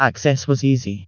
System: TTS, vocoder